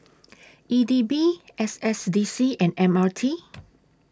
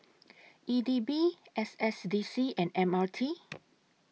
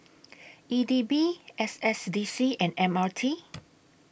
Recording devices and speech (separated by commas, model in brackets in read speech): standing microphone (AKG C214), mobile phone (iPhone 6), boundary microphone (BM630), read sentence